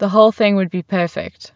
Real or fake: real